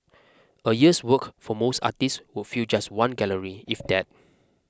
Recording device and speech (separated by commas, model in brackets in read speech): close-talking microphone (WH20), read sentence